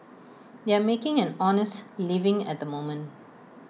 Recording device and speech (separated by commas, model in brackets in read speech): mobile phone (iPhone 6), read sentence